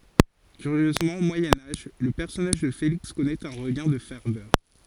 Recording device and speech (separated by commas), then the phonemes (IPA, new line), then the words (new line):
forehead accelerometer, read sentence
kyʁjøzmɑ̃ o mwajɛ̃ aʒ lə pɛʁsɔnaʒ də feliks kɔnɛt œ̃ ʁəɡɛ̃ də fɛʁvœʁ
Curieusement au Moyen Âge le personnage de Félix connaît un regain de ferveur.